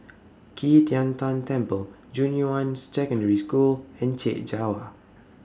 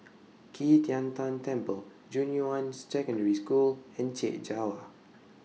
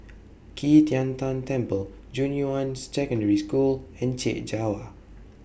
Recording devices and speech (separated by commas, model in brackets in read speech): standing microphone (AKG C214), mobile phone (iPhone 6), boundary microphone (BM630), read sentence